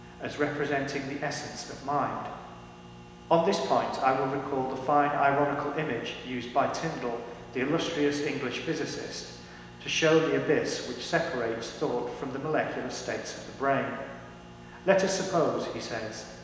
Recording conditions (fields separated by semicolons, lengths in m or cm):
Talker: one person; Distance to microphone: 1.7 m; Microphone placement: close; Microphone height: 1.0 m; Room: very reverberant, large; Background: none